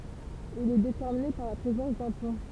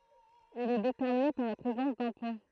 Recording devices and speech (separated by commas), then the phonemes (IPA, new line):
temple vibration pickup, throat microphone, read sentence
il ɛ detɛʁmine paʁ la pʁezɑ̃s dœ̃ pɔ̃